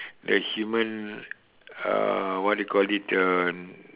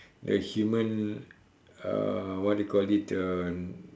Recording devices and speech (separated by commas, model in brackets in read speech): telephone, standing microphone, conversation in separate rooms